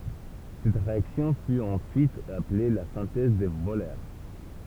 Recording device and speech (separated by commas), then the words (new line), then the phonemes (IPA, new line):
temple vibration pickup, read sentence
Cette réaction fut ensuite appelée la synthèse de Wöhler.
sɛt ʁeaksjɔ̃ fy ɑ̃syit aple la sɛ̃tɛz də vølœʁ